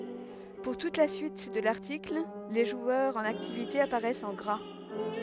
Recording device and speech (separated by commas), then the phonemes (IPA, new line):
headset microphone, read sentence
puʁ tut la syit də laʁtikl le ʒwœʁz ɑ̃n aktivite apaʁɛst ɑ̃ ɡʁa